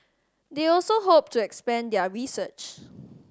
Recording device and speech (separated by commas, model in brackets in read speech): standing microphone (AKG C214), read sentence